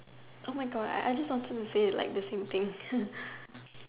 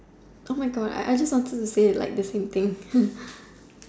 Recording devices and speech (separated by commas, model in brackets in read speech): telephone, standing microphone, conversation in separate rooms